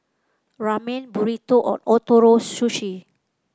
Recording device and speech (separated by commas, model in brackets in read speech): close-talking microphone (WH30), read sentence